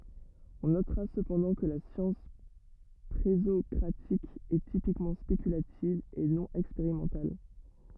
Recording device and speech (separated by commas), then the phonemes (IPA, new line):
rigid in-ear microphone, read sentence
ɔ̃ notʁa səpɑ̃dɑ̃ kə la sjɑ̃s pʁezɔkʁatik ɛ tipikmɑ̃ spekylativ e nɔ̃ ɛkspeʁimɑ̃tal